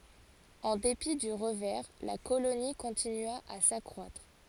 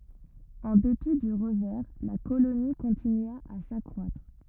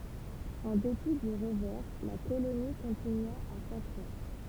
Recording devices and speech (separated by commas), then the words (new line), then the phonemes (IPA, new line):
forehead accelerometer, rigid in-ear microphone, temple vibration pickup, read sentence
En dépit du revers, la colonie continua à s'accroître.
ɑ̃ depi dy ʁəvɛʁ la koloni kɔ̃tinya a sakʁwatʁ